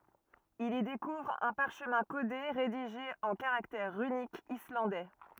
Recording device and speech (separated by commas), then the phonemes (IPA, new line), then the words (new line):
rigid in-ear microphone, read sentence
il i dekuvʁ œ̃ paʁʃmɛ̃ kode ʁediʒe ɑ̃ kaʁaktɛʁ ʁynikz islɑ̃dɛ
Il y découvre un parchemin codé, rédigé en caractères runiques islandais.